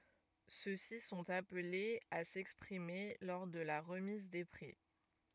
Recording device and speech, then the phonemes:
rigid in-ear microphone, read sentence
sø si sɔ̃t aplez a sɛkspʁime lɔʁ də la ʁəmiz de pʁi

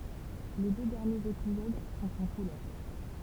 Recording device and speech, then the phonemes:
temple vibration pickup, read sentence
le dø dɛʁnjez epizod sɔ̃t ɑ̃ kulœʁ

